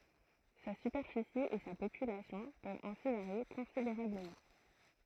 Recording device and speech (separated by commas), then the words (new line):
throat microphone, read sentence
Sa superficie et sa population peuvent ainsi varier considérablement.